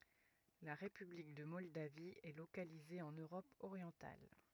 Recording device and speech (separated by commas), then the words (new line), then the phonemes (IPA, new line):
rigid in-ear microphone, read sentence
La république de Moldavie est localisée en Europe orientale.
la ʁepyblik də mɔldavi ɛ lokalize ɑ̃n øʁɔp oʁjɑ̃tal